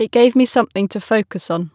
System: none